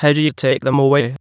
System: TTS, waveform concatenation